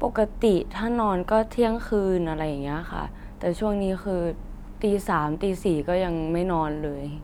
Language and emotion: Thai, neutral